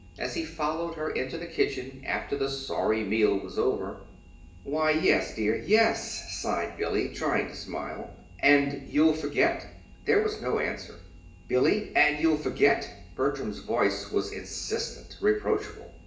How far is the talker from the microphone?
1.8 m.